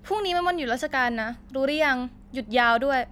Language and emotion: Thai, angry